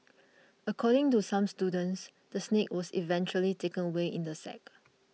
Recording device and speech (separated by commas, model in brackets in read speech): mobile phone (iPhone 6), read sentence